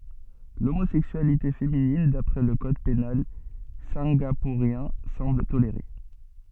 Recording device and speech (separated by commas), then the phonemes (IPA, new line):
soft in-ear microphone, read sentence
lomozɛksyalite feminin dapʁɛ lə kɔd penal sɛ̃ɡapuʁjɛ̃ sɑ̃bl toleʁe